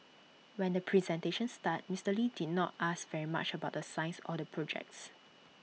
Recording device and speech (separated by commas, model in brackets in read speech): mobile phone (iPhone 6), read sentence